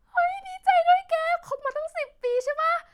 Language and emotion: Thai, happy